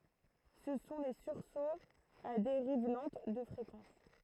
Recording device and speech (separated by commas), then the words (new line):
throat microphone, read sentence
Ce sont les sursauts à dérive lente de fréquence.